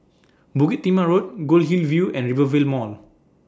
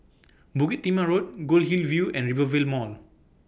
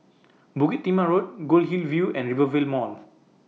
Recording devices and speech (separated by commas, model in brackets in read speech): standing microphone (AKG C214), boundary microphone (BM630), mobile phone (iPhone 6), read sentence